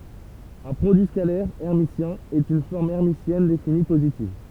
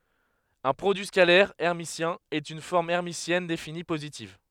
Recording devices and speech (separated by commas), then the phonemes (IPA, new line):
temple vibration pickup, headset microphone, read sentence
œ̃ pʁodyi skalɛʁ ɛʁmisjɛ̃ ɛt yn fɔʁm ɛʁmisjɛn defini pozitiv